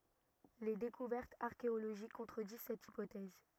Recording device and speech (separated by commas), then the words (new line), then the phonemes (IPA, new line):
rigid in-ear microphone, read sentence
Les découvertes archéologiques contredisent cette hypothèse.
le dekuvɛʁtz aʁkeoloʒik kɔ̃tʁədiz sɛt ipotɛz